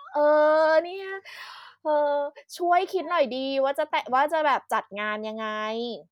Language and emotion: Thai, frustrated